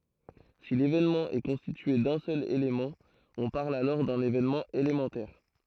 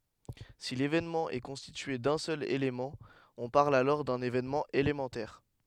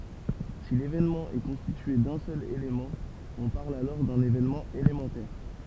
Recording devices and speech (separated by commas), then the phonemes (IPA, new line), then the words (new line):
throat microphone, headset microphone, temple vibration pickup, read sentence
si levenmɑ̃ ɛ kɔ̃stitye dœ̃ sœl elemɑ̃ ɔ̃ paʁl alɔʁ dœ̃n evenmɑ̃ elemɑ̃tɛʁ
Si l'événement est constitué d'un seul élément, on parle alors d'un événement élémentaire.